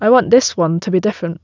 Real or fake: real